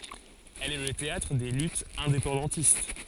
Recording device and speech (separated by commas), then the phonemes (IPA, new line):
forehead accelerometer, read sentence
ɛl ɛ lə teatʁ de lytz ɛ̃depɑ̃dɑ̃tist